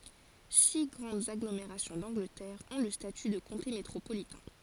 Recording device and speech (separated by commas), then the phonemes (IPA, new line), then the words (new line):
forehead accelerometer, read sentence
si ɡʁɑ̃dz aɡlomeʁasjɔ̃ dɑ̃ɡlətɛʁ ɔ̃ lə staty də kɔ̃te metʁopolitɛ̃
Six grandes agglomérations d'Angleterre ont le statut de comté métropolitain.